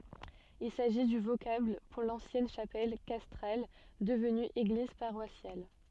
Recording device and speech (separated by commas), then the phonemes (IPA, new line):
soft in-ear microphone, read sentence
il saʒi dy vokabl puʁ lɑ̃sjɛn ʃapɛl kastʁal dəvny eɡliz paʁwasjal